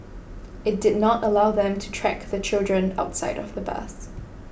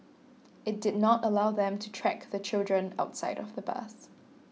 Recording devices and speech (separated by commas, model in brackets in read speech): boundary microphone (BM630), mobile phone (iPhone 6), read sentence